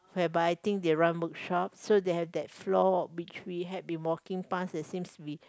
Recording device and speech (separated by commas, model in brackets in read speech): close-talking microphone, conversation in the same room